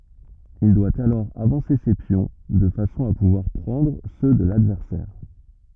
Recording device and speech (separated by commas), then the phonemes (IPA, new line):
rigid in-ear microphone, read sentence
il dwa alɔʁ avɑ̃se se pjɔ̃ də fasɔ̃ a puvwaʁ pʁɑ̃dʁ sø də ladvɛʁsɛʁ